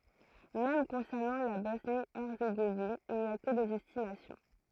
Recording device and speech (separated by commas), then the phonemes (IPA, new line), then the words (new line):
throat microphone, read sentence
mɛm kɔ̃sɛʁnɑ̃ la bɔsnjəɛʁzeɡovin il ni a kə dez ɛstimasjɔ̃
Même concernant la Bosnie-Herzégovine il n’y a que des estimations.